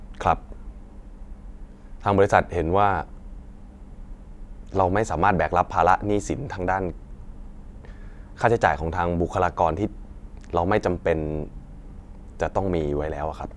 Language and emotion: Thai, sad